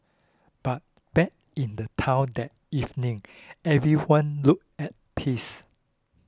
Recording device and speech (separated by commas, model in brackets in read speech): close-talking microphone (WH20), read sentence